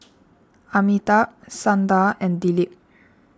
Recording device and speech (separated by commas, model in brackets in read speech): standing microphone (AKG C214), read sentence